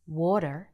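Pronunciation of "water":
'water' is said in an American accent, with the R sound pronounced at the end.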